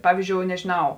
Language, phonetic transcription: Lithuanian, ˈpavyzˌdžiou nežiˈnau

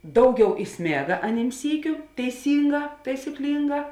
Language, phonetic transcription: Lithuanian, ˈdauˌgiau iˈsmėga aˈnym ˈsykiu teiˈsynˌgā taisiˈklynˌgā

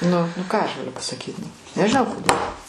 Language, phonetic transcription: Lithuanian, ˈnu nu ˈką aš gaˈliu pasaˈkyt nu nežiˈnau koˈdėl

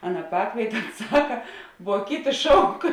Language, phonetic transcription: Lithuanian, ˈaˌna ˈpakvietė ˈons ˈsaka vuo ˈkiˌti ˈšauk

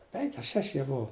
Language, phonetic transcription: Lithuanian, ˈpenki a ˈšeši jie ˈbuu

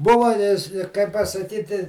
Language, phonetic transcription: Lithuanian, ˈbuva i i kaip pasaˈkyti

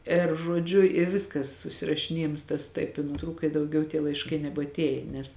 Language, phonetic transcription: Lithuanian, ir žuoˈdžiu i ˈviskas susirašiˈniejims tas ˈtaip i nuˈtrūka i dauˈgiau tie laišˈkai nebatˈėjė nes

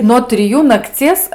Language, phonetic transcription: Lithuanian, no triˈjų nakˈcies

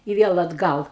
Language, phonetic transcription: Lithuanian, i ˈviel atˈgal

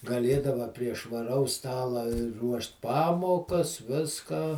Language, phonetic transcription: Lithuanian, gaˈlėdava prie švaˈraus ˈstala ˈruošt ˈpamokas ˈviską

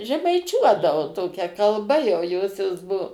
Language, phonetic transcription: Lithuanian, žemaiˈčiuodavo ˈtokia kalˈba jau ˈjosios ˈbuo

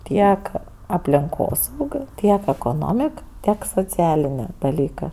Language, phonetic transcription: Lithuanian, ˈtiek aplinˈkos ˈūkio ˈtiek ekoˈnomik ˈtiek sociˈalinė daˈlykɜ

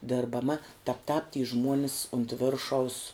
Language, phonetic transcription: Lithuanian, dirbaˈma tap tāp ty ˈžmuonis unt ˈviršaus

